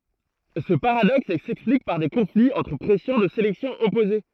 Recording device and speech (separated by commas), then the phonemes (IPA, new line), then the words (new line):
throat microphone, read sentence
sə paʁadɔks sɛksplik paʁ de kɔ̃fliz ɑ̃tʁ pʁɛsjɔ̃ də selɛksjɔ̃ ɔpoze
Ce paradoxe s'explique par des conflits entre pressions de sélection opposées.